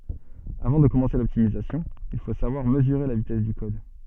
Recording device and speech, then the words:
soft in-ear microphone, read sentence
Avant de commencer l'optimisation, il faut savoir mesurer la vitesse du code.

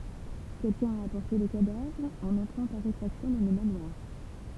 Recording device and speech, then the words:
temple vibration pickup, read sentence
Quelqu'un a apporté le cadavre en entrant par effraction dans le manoir.

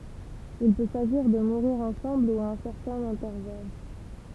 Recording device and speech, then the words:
temple vibration pickup, read sentence
Il peut s'agir de mourir ensemble ou à un certain intervalle.

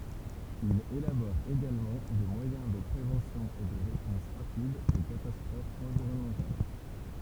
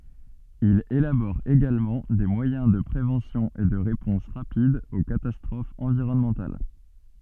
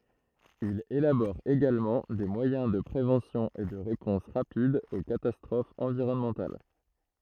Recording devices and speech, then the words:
temple vibration pickup, soft in-ear microphone, throat microphone, read sentence
Il élabore également des moyens de préventions et de réponses rapides aux catastrophes environnementales.

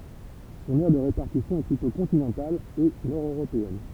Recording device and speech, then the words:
temple vibration pickup, read sentence
Son aire de répartition est plutôt continentale et nord-européenne.

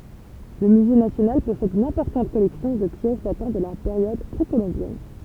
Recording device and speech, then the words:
temple vibration pickup, read sentence
Le musée national possède une importante collection de pièces datant de la période précolombienne.

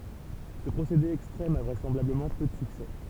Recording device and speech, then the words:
temple vibration pickup, read sentence
Ce procédé extrême a vraisemblablement peu de succès.

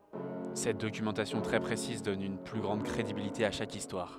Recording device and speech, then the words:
headset microphone, read sentence
Cette documentation très précise donne une plus grande crédibilité à chaque histoire.

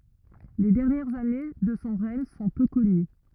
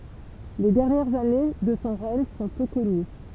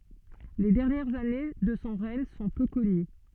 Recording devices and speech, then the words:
rigid in-ear microphone, temple vibration pickup, soft in-ear microphone, read sentence
Les dernières années de son règne sont peu connues.

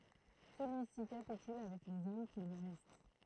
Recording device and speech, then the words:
throat microphone, read sentence
Celui-ci capitule avec les hommes qui lui restent.

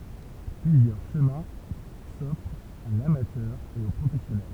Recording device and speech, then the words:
temple vibration pickup, read sentence
Plusieurs chemins s'offrent à l'amateur et au professionnel.

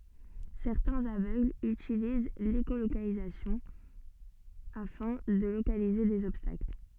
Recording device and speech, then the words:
soft in-ear microphone, read sentence
Certains aveugles utilisent l'écholocalisation afin de localiser des obstacles.

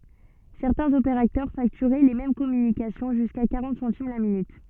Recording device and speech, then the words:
soft in-ear microphone, read sentence
Certains opérateurs facturaient les mêmes communications jusqu'à quarante centimes la minute.

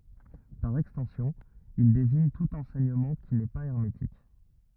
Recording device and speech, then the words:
rigid in-ear microphone, read sentence
Par extension, il désigne tout enseignement qui n'est pas hermétique.

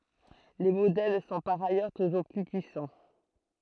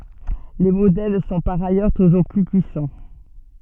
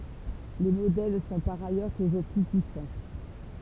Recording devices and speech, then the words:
throat microphone, soft in-ear microphone, temple vibration pickup, read sentence
Les modèles sont par ailleurs toujours plus puissants.

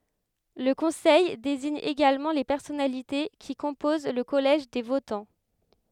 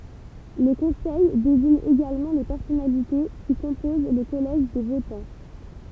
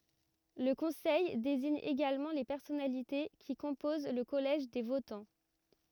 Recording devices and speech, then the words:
headset microphone, temple vibration pickup, rigid in-ear microphone, read sentence
Le Conseil désigne également les personnalités qui composent le collège des votants.

